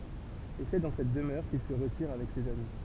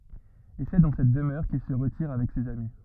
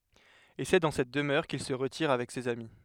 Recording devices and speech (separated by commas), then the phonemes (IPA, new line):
temple vibration pickup, rigid in-ear microphone, headset microphone, read sentence
e sɛ dɑ̃ sɛt dəmœʁ kil sə ʁətiʁ avɛk sez ami